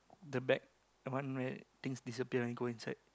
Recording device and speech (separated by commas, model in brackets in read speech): close-talking microphone, conversation in the same room